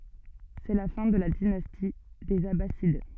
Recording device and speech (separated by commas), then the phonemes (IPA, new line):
soft in-ear microphone, read sentence
sɛ la fɛ̃ də la dinasti dez abasid